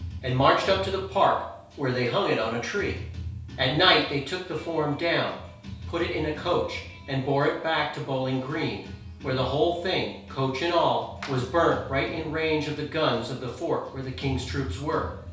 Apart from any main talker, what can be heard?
Music.